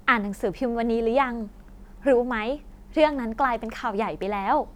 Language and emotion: Thai, happy